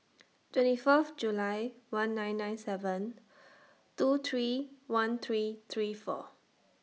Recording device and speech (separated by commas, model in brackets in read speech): mobile phone (iPhone 6), read sentence